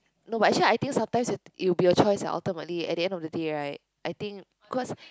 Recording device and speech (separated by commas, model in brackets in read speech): close-talking microphone, conversation in the same room